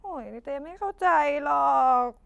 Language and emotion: Thai, sad